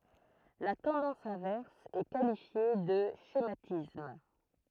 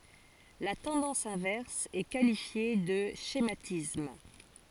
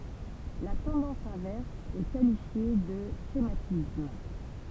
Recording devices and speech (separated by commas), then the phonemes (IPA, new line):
throat microphone, forehead accelerometer, temple vibration pickup, read sentence
la tɑ̃dɑ̃s ɛ̃vɛʁs ɛ kalifje də ʃematism